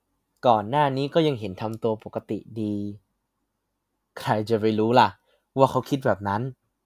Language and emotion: Thai, neutral